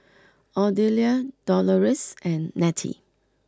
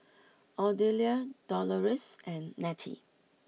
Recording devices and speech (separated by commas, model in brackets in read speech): close-talking microphone (WH20), mobile phone (iPhone 6), read sentence